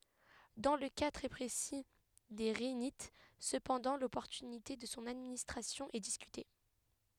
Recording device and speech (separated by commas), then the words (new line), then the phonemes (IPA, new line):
headset microphone, read sentence
Dans le cas très précis des rhinites cependant, l'opportunité de son administration est discutée.
dɑ̃ lə ka tʁɛ pʁesi de ʁinit səpɑ̃dɑ̃ lɔpɔʁtynite də sɔ̃ administʁasjɔ̃ ɛ diskyte